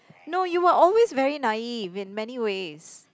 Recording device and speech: close-talking microphone, conversation in the same room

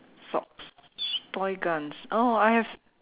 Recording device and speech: telephone, conversation in separate rooms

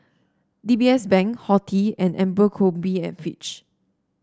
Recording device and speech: standing microphone (AKG C214), read sentence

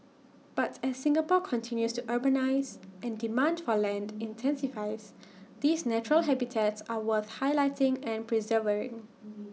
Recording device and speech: mobile phone (iPhone 6), read sentence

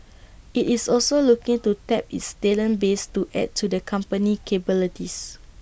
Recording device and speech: boundary microphone (BM630), read sentence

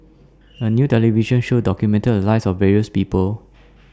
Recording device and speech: standing microphone (AKG C214), read sentence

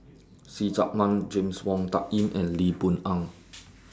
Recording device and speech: standing microphone (AKG C214), read sentence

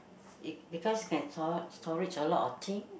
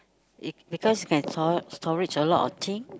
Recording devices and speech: boundary microphone, close-talking microphone, conversation in the same room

